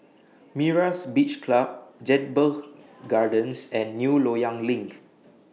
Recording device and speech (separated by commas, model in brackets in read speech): mobile phone (iPhone 6), read sentence